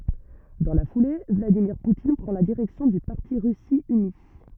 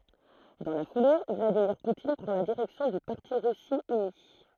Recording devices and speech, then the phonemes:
rigid in-ear microphone, throat microphone, read sentence
dɑ̃ la fule vladimiʁ putin pʁɑ̃ la diʁɛksjɔ̃ dy paʁti ʁysi yni

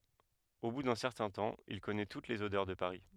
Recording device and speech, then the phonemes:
headset microphone, read sentence
o bu dœ̃ sɛʁtɛ̃ tɑ̃ il kɔnɛ tut lez odœʁ də paʁi

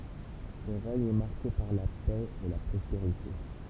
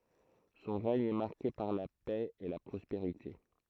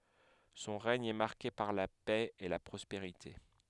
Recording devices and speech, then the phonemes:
temple vibration pickup, throat microphone, headset microphone, read sentence
sɔ̃ ʁɛɲ ɛ maʁke paʁ la pɛ e la pʁɔspeʁite

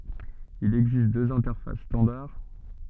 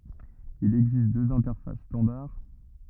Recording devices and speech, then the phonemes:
soft in-ear microphone, rigid in-ear microphone, read sentence
il ɛɡzist døz ɛ̃tɛʁfas stɑ̃daʁ

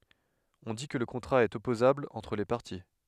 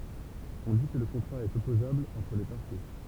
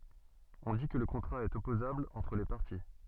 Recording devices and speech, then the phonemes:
headset microphone, temple vibration pickup, soft in-ear microphone, read sentence
ɔ̃ di kə lə kɔ̃tʁa ɛt ɔpozabl ɑ̃tʁ le paʁti

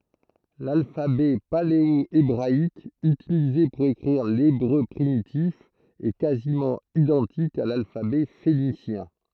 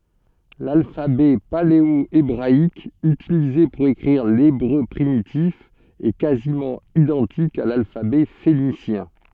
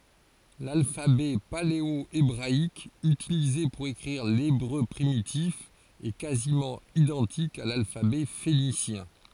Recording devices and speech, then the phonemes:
throat microphone, soft in-ear microphone, forehead accelerometer, read sentence
lalfabɛ paleoebʁaik ytilize puʁ ekʁiʁ lebʁø pʁimitif ɛ kazimɑ̃ idɑ̃tik a lalfabɛ fenisjɛ̃

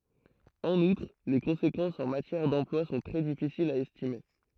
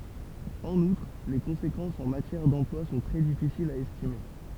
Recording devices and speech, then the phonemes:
throat microphone, temple vibration pickup, read sentence
ɑ̃n utʁ le kɔ̃sekɑ̃sz ɑ̃ matjɛʁ dɑ̃plwa sɔ̃ tʁɛ difisilz a ɛstime

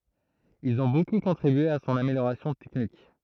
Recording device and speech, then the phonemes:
throat microphone, read sentence
ilz ɔ̃ boku kɔ̃tʁibye a sɔ̃n ameljoʁasjɔ̃ tɛknik

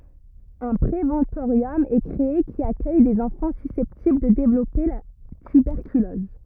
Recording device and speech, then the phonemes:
rigid in-ear microphone, read sentence
œ̃ pʁevɑ̃toʁjɔm ɛ kʁee ki akœj dez ɑ̃fɑ̃ sysɛptibl də devlɔpe la tybɛʁkylɔz

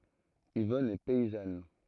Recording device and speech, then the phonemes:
throat microphone, read sentence
ivɔn ɛ pɛizan

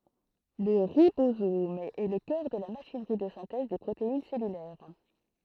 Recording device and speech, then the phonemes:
throat microphone, read sentence
lə ʁibozom ɛ lə kœʁ də la maʃinʁi də sɛ̃tɛz de pʁotein sɛlylɛʁ

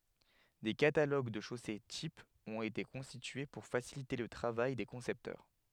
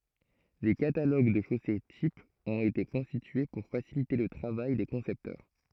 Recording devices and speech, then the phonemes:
headset microphone, throat microphone, read sentence
de kataloɡ də ʃose tipz ɔ̃t ete kɔ̃stitye puʁ fasilite lə tʁavaj de kɔ̃sɛptœʁ

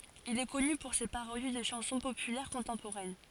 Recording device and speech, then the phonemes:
forehead accelerometer, read sentence
il ɛ kɔny puʁ se paʁodi də ʃɑ̃sɔ̃ popylɛʁ kɔ̃tɑ̃poʁɛn

